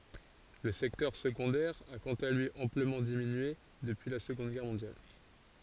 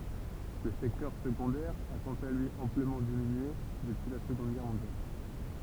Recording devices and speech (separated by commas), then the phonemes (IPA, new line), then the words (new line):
forehead accelerometer, temple vibration pickup, read sentence
lə sɛktœʁ səɡɔ̃dɛʁ a kɑ̃t a lyi ɑ̃pləmɑ̃ diminye dəpyi la səɡɔ̃d ɡɛʁ mɔ̃djal
Le secteur secondaire a, quant à lui, amplement diminué depuis la Seconde Guerre mondiale.